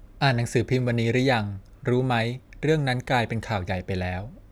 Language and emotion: Thai, neutral